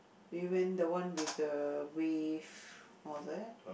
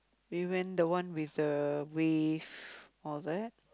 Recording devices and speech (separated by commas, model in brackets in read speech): boundary microphone, close-talking microphone, conversation in the same room